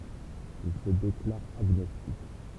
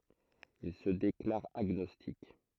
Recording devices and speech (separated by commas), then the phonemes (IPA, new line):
temple vibration pickup, throat microphone, read sentence
il sə deklaʁ aɡnɔstik